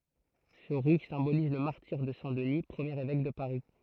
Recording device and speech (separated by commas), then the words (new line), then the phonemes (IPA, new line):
throat microphone, read sentence
Ce rouge symbolise le martyre de saint Denis, premier évêque de Paris.
sə ʁuʒ sɛ̃boliz lə maʁtiʁ də sɛ̃ dəni pʁəmjeʁ evɛk də paʁi